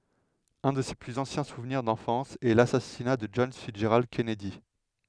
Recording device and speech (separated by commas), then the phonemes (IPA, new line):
headset microphone, read sentence
œ̃ də se plyz ɑ̃sjɛ̃ suvniʁ dɑ̃fɑ̃s ɛ lasasina də dʒɔn fitsʒʁald kɛnɛdi